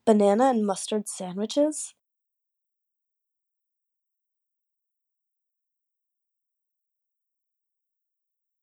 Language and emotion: English, disgusted